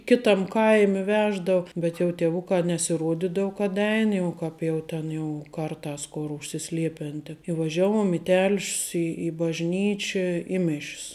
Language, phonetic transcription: Lithuanian, ˈkitam ˈkaimi ˈveždau ˈbet jau tieˈvukā nesiˈruodydau kad ˈein jau ˈkap jau ˈten jau ˈkarˌtās ˈkor užsiˈsliepen ten i vaˈžiaˌvuom i tel'š's i bažˈnyčia i miš's

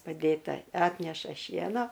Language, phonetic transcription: Lithuanian, paˈdėta ˈatneša ˈšieno

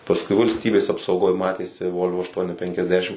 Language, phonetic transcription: Lithuanian, pasˈkui valsˈtybės apsauˈgoj ˈmatėsi ˈvolvo ašˈtuoni penkiasˈdešim

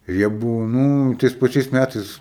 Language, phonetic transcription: Lithuanian, ir ˈjie ˈbūvo ˈnū tais paˈčiais ˈmætais

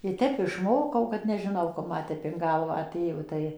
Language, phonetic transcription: Lithuanian, i ˈtep išˈmokau kad nežiˈnau kap ˈma tep in ˈgalvą aˈtėjo ˈtai

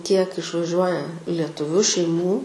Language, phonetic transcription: Lithuanian, kiek išvaˈžiuoja letuˈviu šeiˈmų

